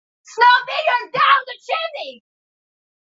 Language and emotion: English, disgusted